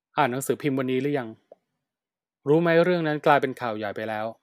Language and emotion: Thai, neutral